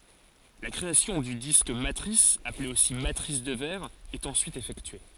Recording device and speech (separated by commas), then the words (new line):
forehead accelerometer, read sentence
La création du disque matrice, appelé aussi matrice de verre, est ensuite effectuée.